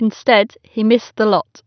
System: none